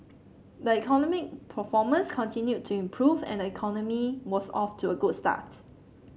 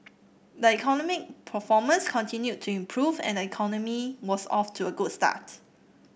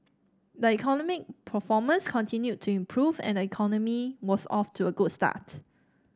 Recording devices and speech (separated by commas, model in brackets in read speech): mobile phone (Samsung C7), boundary microphone (BM630), standing microphone (AKG C214), read sentence